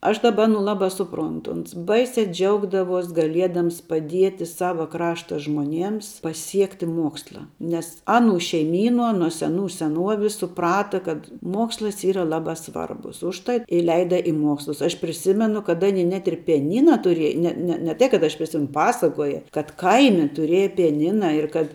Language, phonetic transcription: Lithuanian, aš ˈdaba aˈnų ˈlabā ˈsuˌprontu uns ˈbaisiā ˈdžiaugdavuos gaˈliedams paˈdieti ˈsava ˈkrašta žmoˈniems paˈsiekti ˈmuoksla nes ˈaˌnų šeiˈmyˌnuo nuo seˈnų seˈnuovis suˈprata kad ˈmuokslas ˈyra ˈlabā ˈsvarbus užˈtat i ˈleida i ˈmuokslus aš priˈsimenu kad ˈaˌny net ir pijaˈnyna tuˈriej ˈne ne ne ˈtai kad ˈaš priˈsim ˈpasakoja kad ˈkaimi tuˈrėja pijaˈnina ir kad

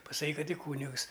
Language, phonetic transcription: Lithuanian, pasaˈkyk ˈkad i ˈkūnigs

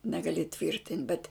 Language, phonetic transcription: Lithuanian, negaˈli ˈtvyrtint' bet

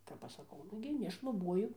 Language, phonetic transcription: Lithuanian, kap ˈaš saˈkau ˈnugi nešluˈbuoju

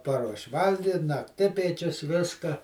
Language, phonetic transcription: Lithuanian, ˈparuoš' ˈvalgit' nakˈtipiečius ˈviska

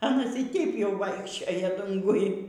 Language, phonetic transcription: Lithuanian, aˈnas y ˈteip jau ˈvaikščioja ˈdunguj

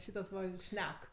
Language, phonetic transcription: Lithuanian, ˈšytas va ˈšnek

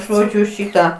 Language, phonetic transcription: Lithuanian, ˈžodžiu ˈšyta

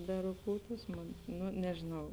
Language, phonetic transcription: Lithuanian, beruˈkūtūs ˈmon ˈnu nežėˈnau

